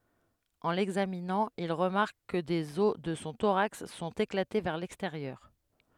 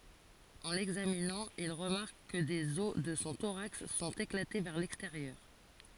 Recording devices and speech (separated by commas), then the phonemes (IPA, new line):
headset microphone, forehead accelerometer, read sentence
ɑ̃ lɛɡzaminɑ̃ il ʁəmaʁk kə dez ɔs də sɔ̃ toʁaks sɔ̃t eklate vɛʁ lɛksteʁjœʁ